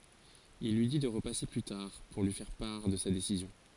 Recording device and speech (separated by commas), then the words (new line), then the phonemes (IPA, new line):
forehead accelerometer, read sentence
Il lui dit de repasser plus tard pour lui faire part de sa décision.
il lyi di də ʁəpase ply taʁ puʁ lyi fɛʁ paʁ də sa desizjɔ̃